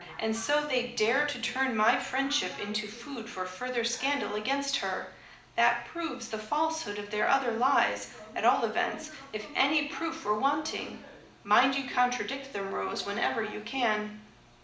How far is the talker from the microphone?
2.0 m.